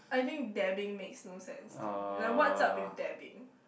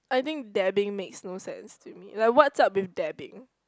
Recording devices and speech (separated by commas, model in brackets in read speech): boundary microphone, close-talking microphone, conversation in the same room